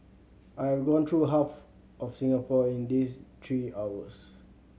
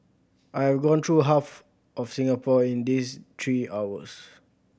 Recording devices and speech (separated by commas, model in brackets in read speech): mobile phone (Samsung C7100), boundary microphone (BM630), read sentence